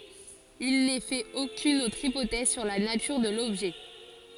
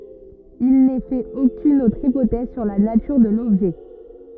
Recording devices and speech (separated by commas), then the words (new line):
forehead accelerometer, rigid in-ear microphone, read sentence
Il n'est fait aucune autre hypothèse sur la nature de l'objet.